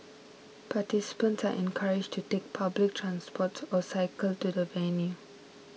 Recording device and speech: mobile phone (iPhone 6), read sentence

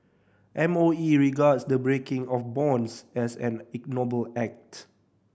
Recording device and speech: boundary microphone (BM630), read sentence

